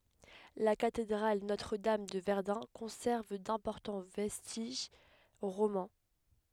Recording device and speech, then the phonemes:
headset microphone, read sentence
la katedʁal notʁədam də vɛʁdœ̃ kɔ̃sɛʁv dɛ̃pɔʁtɑ̃ vɛstiʒ ʁomɑ̃

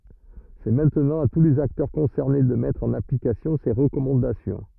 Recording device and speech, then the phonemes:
rigid in-ear microphone, read sentence
sɛ mɛ̃tnɑ̃ a tu lez aktœʁ kɔ̃sɛʁne də mɛtʁ ɑ̃n aplikasjɔ̃ se ʁəkɔmɑ̃dasjɔ̃

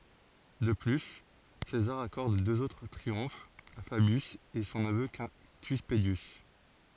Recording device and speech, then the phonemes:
forehead accelerometer, read sentence
də ply sezaʁ akɔʁd døz otʁ tʁiɔ̃fz a fabjys e sɔ̃ nəvø kɛ̃ty pədjys

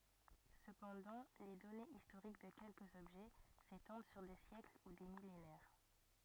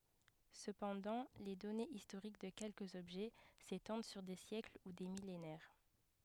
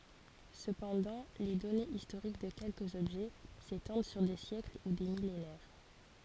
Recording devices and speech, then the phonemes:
rigid in-ear microphone, headset microphone, forehead accelerometer, read sentence
səpɑ̃dɑ̃ le dɔnez istoʁik də kɛlkəz ɔbʒɛ setɑ̃d syʁ de sjɛkl u de milenɛʁ

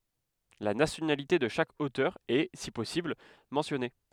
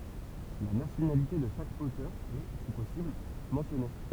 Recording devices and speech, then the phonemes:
headset microphone, temple vibration pickup, read sentence
la nasjonalite də ʃak otœʁ ɛ si pɔsibl mɑ̃sjɔne

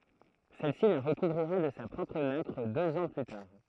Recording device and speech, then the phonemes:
throat microphone, read sentence
sɛlsi la ʁəkuvʁiʁa də sa pʁɔpʁ nakʁ døz ɑ̃ ply taʁ

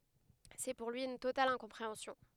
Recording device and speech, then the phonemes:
headset microphone, read sentence
sɛ puʁ lyi yn total ɛ̃kɔ̃pʁeɑ̃sjɔ̃

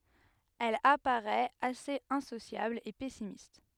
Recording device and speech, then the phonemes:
headset microphone, read sentence
ɛl apaʁɛt asez ɛ̃sosjabl e pɛsimist

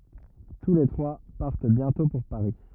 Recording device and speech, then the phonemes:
rigid in-ear microphone, read sentence
tu le tʁwa paʁt bjɛ̃tɔ̃ puʁ paʁi

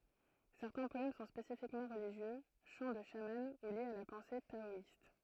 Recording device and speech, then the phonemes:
throat microphone, read sentence
sɛʁtɛ̃ pɔɛm sɔ̃ spesifikmɑ̃ ʁəliʒjø ʃɑ̃ də ʃamɑ̃ u ljez a la pɑ̃se taɔist

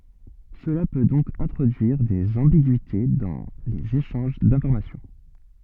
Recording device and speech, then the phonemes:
soft in-ear microphone, read sentence
səla pø dɔ̃k ɛ̃tʁodyiʁ dez ɑ̃biɡyite dɑ̃ lez eʃɑ̃ʒ dɛ̃fɔʁmasjɔ̃

